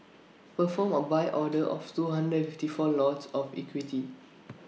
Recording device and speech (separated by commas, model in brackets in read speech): mobile phone (iPhone 6), read sentence